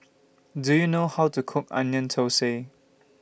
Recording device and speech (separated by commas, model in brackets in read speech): boundary microphone (BM630), read sentence